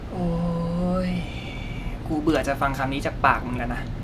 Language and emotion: Thai, frustrated